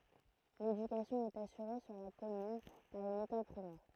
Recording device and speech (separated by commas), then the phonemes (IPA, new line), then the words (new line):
throat microphone, read sentence
ledykasjɔ̃ ɛt asyʁe syʁ la kɔmyn paʁ yn ekɔl pʁimɛʁ
L'éducation est assurée sur la commune par une école primaire.